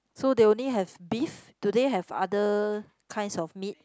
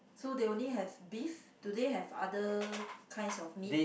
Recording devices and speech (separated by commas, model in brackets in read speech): close-talking microphone, boundary microphone, conversation in the same room